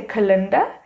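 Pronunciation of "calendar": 'Calendar' is pronounced incorrectly here.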